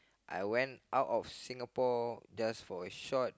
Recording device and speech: close-talking microphone, conversation in the same room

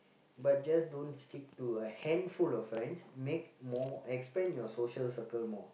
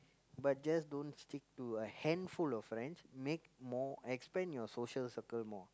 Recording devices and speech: boundary microphone, close-talking microphone, conversation in the same room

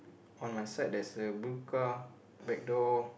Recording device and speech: boundary microphone, conversation in the same room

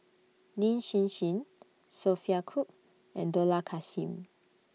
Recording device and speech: mobile phone (iPhone 6), read sentence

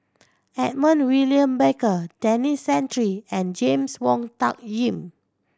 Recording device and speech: standing microphone (AKG C214), read sentence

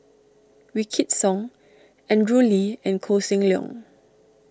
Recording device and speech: standing microphone (AKG C214), read sentence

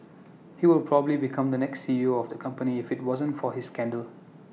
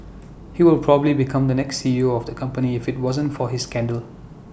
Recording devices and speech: mobile phone (iPhone 6), boundary microphone (BM630), read sentence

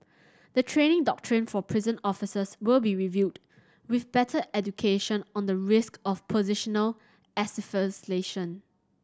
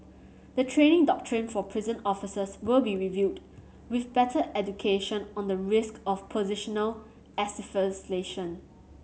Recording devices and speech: standing microphone (AKG C214), mobile phone (Samsung C7100), read sentence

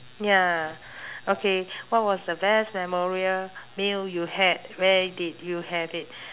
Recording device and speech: telephone, conversation in separate rooms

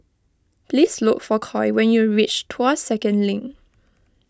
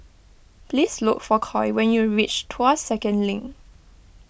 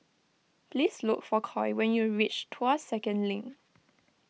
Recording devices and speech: close-talking microphone (WH20), boundary microphone (BM630), mobile phone (iPhone 6), read sentence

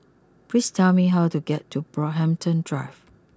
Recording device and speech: close-talking microphone (WH20), read sentence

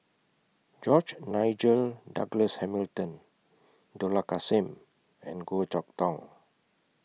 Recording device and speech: mobile phone (iPhone 6), read sentence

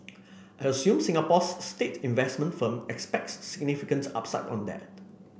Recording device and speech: boundary microphone (BM630), read sentence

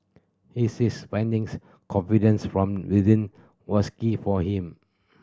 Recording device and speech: standing microphone (AKG C214), read sentence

